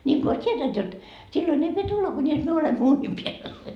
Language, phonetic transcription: Finnish, ńiŋko ois 't́ietänt jot , 'sillon ‿ei pie 'tulla kuńis 'myö olemmo 'uuńim piäl .
- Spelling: niin kuin olisi tietänyt jotta silloin ei pidä tulla kunis me olemme uunin päällä

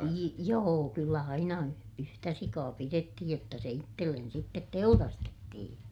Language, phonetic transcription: Finnish, jii- , joo kyllä aina y- , yhtä sikaa pirettihij jotta se ittellen sittet teurastettihiḭ .
- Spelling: - joo kyllä aina - yhtä sikaa pidettiin jotta se itselle sitten teurastettiin

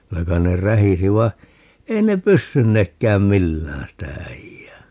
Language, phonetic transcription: Finnish, 'kylä kain ne "rähisi vai̮ , "ei ne 'pyssynnekkääm "millään sitä 'äijää .
- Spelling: kyllä kai ne rähisi vaan ei ne pystyneetkään millään sitä äijää

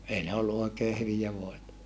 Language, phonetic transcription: Finnish, ei ne ollu oikee hyvijä voeta .
- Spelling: ei ne ollut oikein hyviä voita

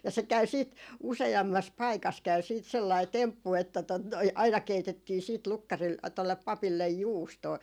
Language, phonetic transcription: Finnish, ja se käy 'siit , 'use₍ammas 'paikas käy siit sellai 'temppu että tot noi , aina 'keitettii siit 'lukkaril- , 'tollep 'papillej "juustoo .
- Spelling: ja se käy sitten useammassa paikassa käy sitten sellainen temppu että tuota noin aina keitettiin sitten - tuolle papille juustoa

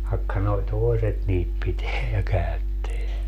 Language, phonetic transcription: Finnish, vaᵉkka noi̮ "toeset niit 'piteä ja 'käytteä .
- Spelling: vaikka nuo toiset niitä pitää ja käyttää

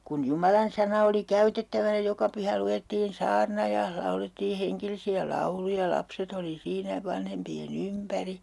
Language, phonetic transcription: Finnish, kun "jumalansana oli 'käytettäväⁿᵃ̈ ja 'joka 'pyhä 'lu₍ettiin "saarna ja , 'laulettii 'heŋkelisi₍ä "lauluja ja 'lapset ‿oli 'siinä , 'vanhempi₍e"n ‿ympäri .
- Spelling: kun jumalansana oli käytettävänä ja joka pyhä luettiin saarna ja laulettiin hengellisiä lauluja ja lapset oli siinä vanhempien ympäri

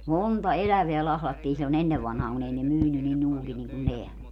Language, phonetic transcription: Finnish, "monta "eläveä 'lahlattii sillo'n ‿ennev vanhaaŋ kun ‿ei ne 'myyny ni (nuugi) niŋku 'neä .
- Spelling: monta elävää lahdattiin silloin ennen vanhaan kun ei ne myynyt niin nuuka niin kuin nämä

